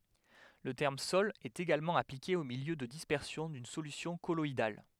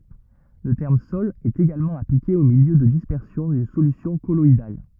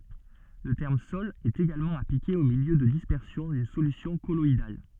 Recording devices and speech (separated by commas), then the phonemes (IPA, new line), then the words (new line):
headset microphone, rigid in-ear microphone, soft in-ear microphone, read sentence
lə tɛʁm sɔl ɛt eɡalmɑ̃ aplike o miljø də dispɛʁsjɔ̃ dyn solysjɔ̃ kɔlɔidal
Le terme sol est également appliqué au milieu de dispersion d'une solution colloïdale.